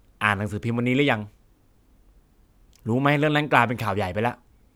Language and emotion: Thai, frustrated